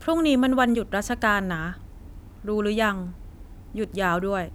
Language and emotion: Thai, neutral